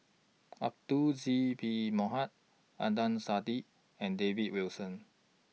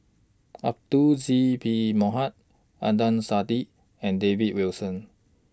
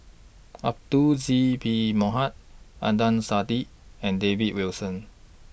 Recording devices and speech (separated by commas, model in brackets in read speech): mobile phone (iPhone 6), standing microphone (AKG C214), boundary microphone (BM630), read sentence